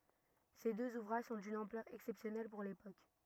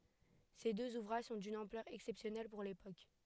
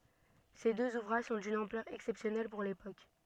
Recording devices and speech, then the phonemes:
rigid in-ear microphone, headset microphone, soft in-ear microphone, read sentence
se døz uvʁaʒ sɔ̃ dyn ɑ̃plœʁ ɛksɛpsjɔnɛl puʁ lepok

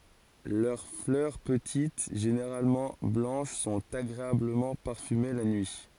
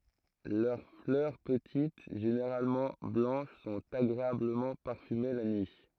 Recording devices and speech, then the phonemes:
forehead accelerometer, throat microphone, read sentence
lœʁ flœʁ pətit ʒeneʁalmɑ̃ blɑ̃ʃ sɔ̃t aɡʁeabləmɑ̃ paʁfyme la nyi

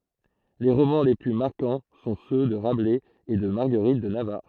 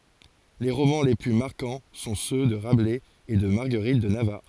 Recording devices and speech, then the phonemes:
throat microphone, forehead accelerometer, read sentence
le ʁomɑ̃ le ply maʁkɑ̃ sɔ̃ sø də ʁablɛz e də maʁɡəʁit də navaʁ

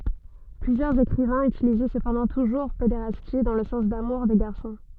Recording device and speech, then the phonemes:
soft in-ear microphone, read sentence
plyzjœʁz ekʁivɛ̃z ytilizɛ səpɑ̃dɑ̃ tuʒuʁ pedeʁasti dɑ̃ lə sɑ̃s damuʁ de ɡaʁsɔ̃

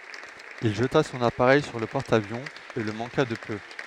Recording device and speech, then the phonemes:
headset microphone, read sentence
il ʒəta sɔ̃n apaʁɛj syʁ lə pɔʁt avjɔ̃ e lə mɑ̃ka də pø

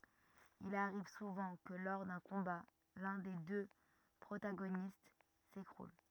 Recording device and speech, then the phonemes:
rigid in-ear microphone, read sentence
il aʁiv suvɑ̃ kə lɔʁ dœ̃ kɔ̃ba lœ̃ de dø pʁotaɡonist sekʁul

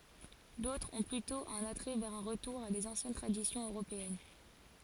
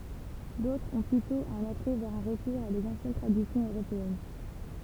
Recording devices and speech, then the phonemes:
forehead accelerometer, temple vibration pickup, read sentence
dotʁz ɔ̃ plytɔ̃ œ̃n atʁɛ vɛʁ œ̃ ʁətuʁ a dez ɑ̃sjɛn tʁadisjɔ̃z øʁopeɛn

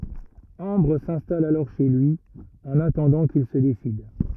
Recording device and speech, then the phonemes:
rigid in-ear microphone, read sentence
ɑ̃bʁ sɛ̃stal alɔʁ ʃe lyi ɑ̃n atɑ̃dɑ̃ kil sə desid

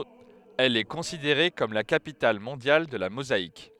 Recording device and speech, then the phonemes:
headset microphone, read sentence
ɛl ɛ kɔ̃sideʁe kɔm la kapital mɔ̃djal də la mozaik

